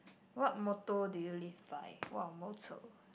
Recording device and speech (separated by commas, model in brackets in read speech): boundary microphone, conversation in the same room